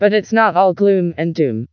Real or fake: fake